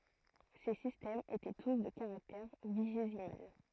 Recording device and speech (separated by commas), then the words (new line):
throat microphone, read sentence
Ces systèmes étaient tous de caractère vigésimal.